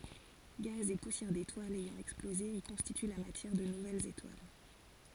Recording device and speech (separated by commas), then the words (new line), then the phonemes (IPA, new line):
forehead accelerometer, read sentence
Gaz et poussières d'étoiles ayant explosé y constituent la matière de nouvelles étoiles.
ɡaz e pusjɛʁ detwalz ɛjɑ̃ ɛksploze i kɔ̃stity la matjɛʁ də nuvɛlz etwal